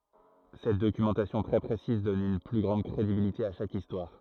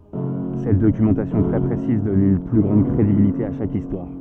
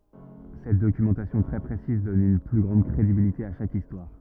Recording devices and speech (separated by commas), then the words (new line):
throat microphone, soft in-ear microphone, rigid in-ear microphone, read sentence
Cette documentation très précise donne une plus grande crédibilité à chaque histoire.